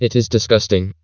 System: TTS, vocoder